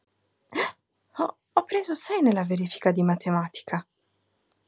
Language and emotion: Italian, surprised